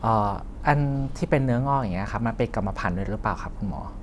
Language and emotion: Thai, neutral